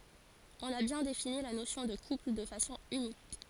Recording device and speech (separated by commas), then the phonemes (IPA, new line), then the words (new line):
forehead accelerometer, read sentence
ɔ̃n a bjɛ̃ defini la nosjɔ̃ də kupl də fasɔ̃ ynik
On a bien défini la notion de couple de façon unique.